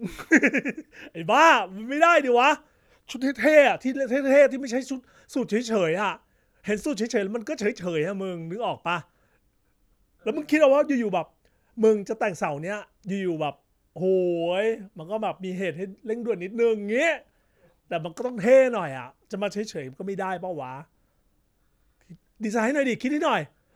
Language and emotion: Thai, happy